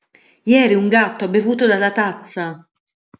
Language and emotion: Italian, surprised